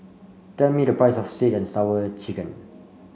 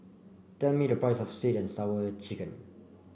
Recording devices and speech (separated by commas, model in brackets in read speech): mobile phone (Samsung C5), boundary microphone (BM630), read sentence